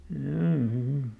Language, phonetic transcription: Finnish, m̥jaa , m̥ .
- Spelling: jaa mm

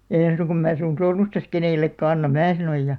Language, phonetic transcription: Finnish, » (no) èn̬ suŋkam mää sun 'sormustas 'kenèl̆§lekkä 'annam̆ « "mää 'sanoj ja ,.
- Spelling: no en suinkaan minä sinun sormustasi kenellekään anna minä sanoin ja

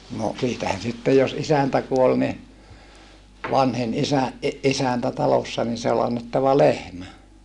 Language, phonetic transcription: Finnish, no , siitähän sittej jos isäntä kuol ni , vanhin isä , ʼi - ʼisäntä talossa ni se ol annettava lehmä .
- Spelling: no siitähän sitten jos isäntä kuoli niin vanhin isä - isäntä talossa niin se oli annettava lehmä

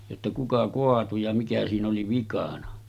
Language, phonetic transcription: Finnish, jotta » 'kuka 'koatu ja mikä siin ‿oli 'vikanᴀ « .
- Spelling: jotta kuka kaatui ja mikä siinä oli vikana

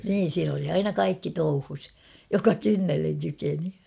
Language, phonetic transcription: Finnish, niin siin ‿oli aina "kaikki 'touhus , joka "kynnelleŋ 'kykeni .
- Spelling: niin siinä oli aina kaikki touhussa joka kynnelle kykeni

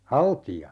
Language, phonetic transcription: Finnish, "halti₍a .
- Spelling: haltia

